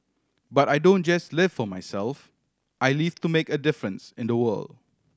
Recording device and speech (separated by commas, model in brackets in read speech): standing microphone (AKG C214), read sentence